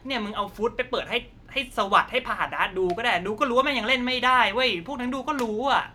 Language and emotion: Thai, angry